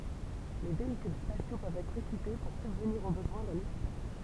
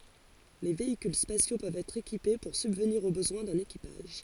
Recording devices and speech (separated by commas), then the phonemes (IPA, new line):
temple vibration pickup, forehead accelerometer, read sentence
le veikyl spasjo pøvt ɛtʁ ekipe puʁ sybvniʁ o bəzwɛ̃ dœ̃n ekipaʒ